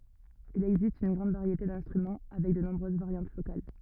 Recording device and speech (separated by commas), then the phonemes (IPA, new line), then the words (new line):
rigid in-ear microphone, read sentence
il ɛɡzist yn ɡʁɑ̃d vaʁjete dɛ̃stʁymɑ̃ avɛk də nɔ̃bʁøz vaʁjɑ̃t lokal
Il existe une grande variété d'instruments, avec de nombreuses variantes locales.